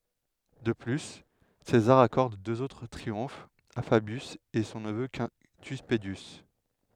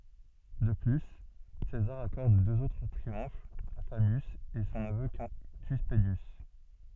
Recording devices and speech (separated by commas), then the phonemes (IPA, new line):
headset microphone, soft in-ear microphone, read sentence
də ply sezaʁ akɔʁd døz otʁ tʁiɔ̃fz a fabjys e sɔ̃ nəvø kɛ̃ty pədjys